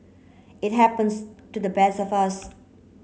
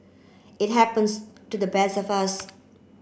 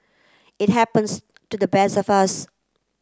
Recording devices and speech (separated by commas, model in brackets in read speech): mobile phone (Samsung C9), boundary microphone (BM630), close-talking microphone (WH30), read sentence